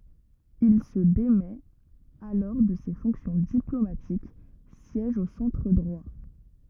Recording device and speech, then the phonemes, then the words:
rigid in-ear microphone, read sentence
il sə demɛt alɔʁ də se fɔ̃ksjɔ̃ diplomatik sjɛʒ o sɑ̃tʁ dʁwa
Il se démet alors de ses fonctions diplomatiques, siège au centre droit.

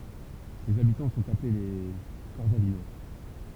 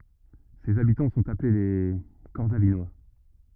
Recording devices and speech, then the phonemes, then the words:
temple vibration pickup, rigid in-ear microphone, read sentence
sez abitɑ̃ sɔ̃t aple le kɔʁsavinwa
Ses habitants sont appelés les Corsavinois.

